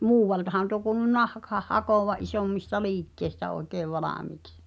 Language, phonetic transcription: Finnish, muuwvaltahan tuo kuulu 'nahk- , -h̳ah 'hakòva '’isòmmista "liikkèi̬stä oi̬keev "valàmiiks .
- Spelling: muualtahan tuo kuului - nahkansa hakevan isommista liikkeistä oikein valmiiksi

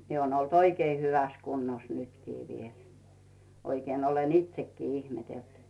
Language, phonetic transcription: Finnish, 'miᵉ oon ‿olt 'oikei "hyväs 'kunnos 'nytkii 'viel , 'oikeen ‿olen "itsekkii 'ihmetelt .
- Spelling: minä olen ollut oikein hyvässä kunnossa nytkin vielä oikein olen itsekin ihmetellyt

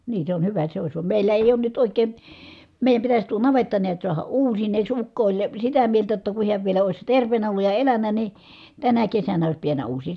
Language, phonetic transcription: Finnish, nii se on , hyvä se ois , vam mèillä èi̮ oon nyt òik̆kèn̬ , mèi̮jäm pitäs tuo navetta niät suaha uusineeks , ukko oĺ , sitä mieltä jotta ku hiäv vielä òi̮s terv̀eenä olluj ja eläǹä ni , tänä kesänä ois piännä uusii .
- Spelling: niin se on hyvä se olisi vaan meillä ei ole nyt oikein meidän pitäisi tuo navetta näet saada uusineeksi ukko oli sitä mieltä jotta kun hän vielä olisi terveenä ollut ja elänyt niin tänä kesänä olisi pitänyt uusia

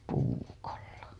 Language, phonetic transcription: Finnish, puukolla .
- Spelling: puukolla

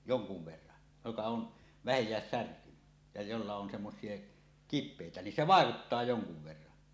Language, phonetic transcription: Finnish, joŋkuv verran , joka on , "vähej̀ääs 'särkyny , ja jolla on semmos̀ie , "kip̆pèitä nin 'se "vàekuttaa 'joŋkuv 'verran .
- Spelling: jonkun verran joka on vähänkään särkynyt ja jolla on semmoisia kipeitä niin se vaikuttaa jonkun verran

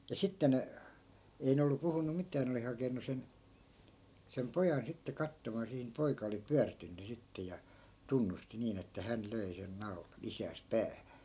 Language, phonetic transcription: Finnish, ja 'sitte ne , 'ei ne ollu 'puhunu "mit̆tää ne oli 'hakenu sen , sem 'pojan sitte 'kattomaa sihi ni 'poika oli "pyärtynny 'sitte ja , "tunnusti 'niin ‿että 'hän 'löi sen 'nau̬lan̬ , 'isääs "päähÄ .
- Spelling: ja sitten ne ei ne ollut puhunut mitään ne oli hakenut sen sen pojan sitten katsomaan siihen niin poika oli pyörtynyt sitten ja tunnusti niin että hän löi sen naulan isäänsä päähän

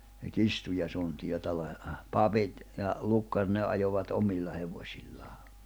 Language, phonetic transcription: Finnish, se "kistu ja suntijo , 'papit , ja , 'lukkar 'ne ’ajovat 'omilla 'hevośillaa .
- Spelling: se kirstu ja suntio papit ja lukkarit ne ajoivat omilla hevosillaan

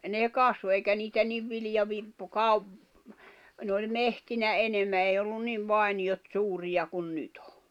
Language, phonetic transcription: Finnish, 'nè 'kasvo eikä 'niitä niv 'viljavi- , n ‿oĺ "mehtinä 'enemmä èi ollun 'niv 'vài̬ni₍ot 'suurija kun 'nyt ‿ᴏ .
- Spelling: ne kasvoi eikä niitä niin - ne oli metsinä enemmän ei ollut niin vainiot suuria kuin nyt on

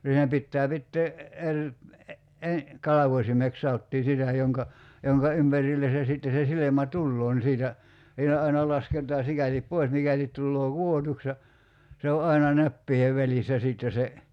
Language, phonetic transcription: Finnish, siinä 'pittää 'pittee , 'eŕ , e- , 'kalavośimek sa₍ottii 'sitä joŋka , 'joŋka "ympärille se 'sitte se 'silemä "tulloo ni 'siitä , siinä 'aina 'lasket̀aa 'sikälip "poi̬s 'mikälit 'tulloo "ku₍otuks ja , se o "aina 'näppiihev 'välissä 'sitte se ,.
- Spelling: siinä pitää pitää eri - kalvosimeksi sanottiin sitä jonka jonka ympärille se sitten se silmä tulee niin siitä siinä aina lasketaan sikäli pois mikäli tulee kudotuksi ja se on aina näppien välissä sitten se

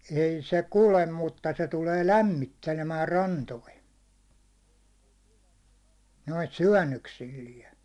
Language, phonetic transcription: Finnish, 'ei 'se "kulem mutta se tulee "lämmittelemää 'rantoi , noit "syäₒ nnöksilliɛ .
- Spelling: ei se kulje mutta se tulee lämmittelemään rantoihin noita syönnöksillään

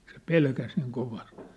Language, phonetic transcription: Finnish, se 'pelkäs niiŋ 'kovast .
- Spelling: se pelkäsi niin kovasti

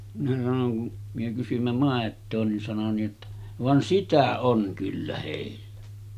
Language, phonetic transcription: Finnish, minä sanoŋ kun , myö kysym̳§ä 'màet̆too nin sano ni ’otta , » 'van "sitä 'oŋ kyllä hèillᴀ̈ « .
- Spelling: minä sanoin kun me kysyimme maitoa niin sanoi niin jotta vaan sitä on kyllä heillä

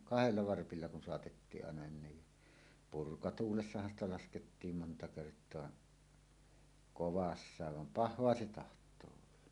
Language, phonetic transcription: Finnish, kahelia 'varpilla kun soatettii’ ’àena ni , "purka'tuulessahan ‿sta laskettiim monta kert̀oa , "kovassaav vam "pah̆hoa se 'taht̀oo olla .
- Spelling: kahdella varpilla kun saatettiin aina niin purkatuulessahan sitä laskettiin monta kertaa kovassa vaan pahaa se tahtoo olla

